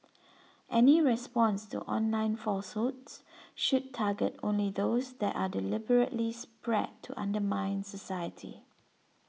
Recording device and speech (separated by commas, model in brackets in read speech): mobile phone (iPhone 6), read sentence